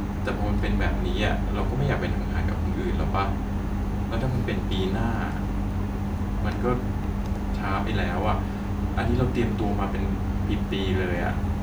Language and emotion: Thai, neutral